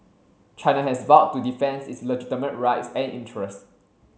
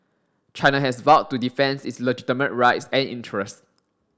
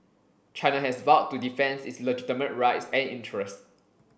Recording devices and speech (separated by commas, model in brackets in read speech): mobile phone (Samsung C7), standing microphone (AKG C214), boundary microphone (BM630), read sentence